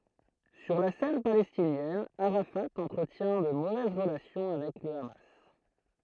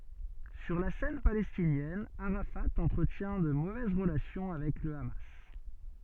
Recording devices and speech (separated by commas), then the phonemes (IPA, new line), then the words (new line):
throat microphone, soft in-ear microphone, read sentence
syʁ la sɛn palɛstinjɛn aʁafa ɑ̃tʁətjɛ̃ də movɛz ʁəlasjɔ̃ avɛk lə ama
Sur la scène palestinienne, Arafat entretient de mauvaises relations avec le Hamas.